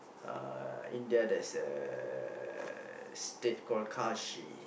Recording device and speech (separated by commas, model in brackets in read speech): boundary microphone, conversation in the same room